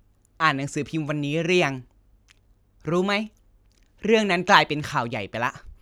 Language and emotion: Thai, frustrated